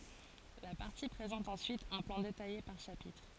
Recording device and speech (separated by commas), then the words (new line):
forehead accelerometer, read sentence
La partie présente ensuite un plan détaillé par chapitre.